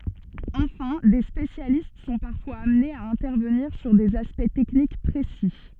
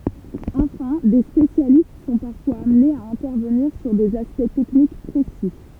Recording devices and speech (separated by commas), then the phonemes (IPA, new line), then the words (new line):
soft in-ear microphone, temple vibration pickup, read sentence
ɑ̃fɛ̃ de spesjalist sɔ̃ paʁfwaz amnez a ɛ̃tɛʁvəniʁ syʁ dez aspɛkt tɛknik pʁesi
Enfin, des spécialistes sont parfois amenés à intervenir sur des aspects techniques précis.